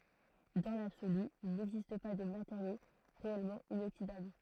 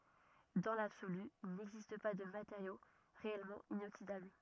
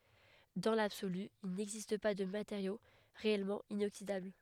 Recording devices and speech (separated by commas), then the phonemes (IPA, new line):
throat microphone, rigid in-ear microphone, headset microphone, read sentence
dɑ̃ labsoly il nɛɡzist pa də mateʁjo ʁeɛlmɑ̃ inoksidabl